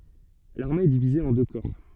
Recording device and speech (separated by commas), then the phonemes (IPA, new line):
soft in-ear microphone, read sentence
laʁme ɛ divize ɑ̃ dø kɔʁ